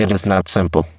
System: VC, spectral filtering